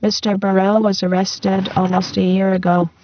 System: VC, spectral filtering